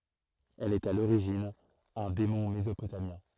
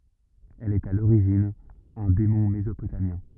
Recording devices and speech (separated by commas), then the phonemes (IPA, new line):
throat microphone, rigid in-ear microphone, read sentence
ɛl ɛt a loʁiʒin œ̃ demɔ̃ mezopotamjɛ̃